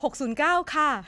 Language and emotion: Thai, neutral